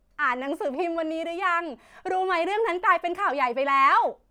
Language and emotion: Thai, happy